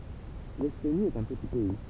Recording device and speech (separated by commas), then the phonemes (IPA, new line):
temple vibration pickup, read sentence
lɛstoni ɛt œ̃ pəti pɛi